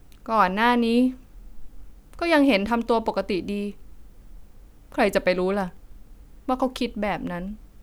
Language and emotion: Thai, sad